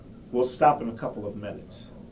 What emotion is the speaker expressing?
neutral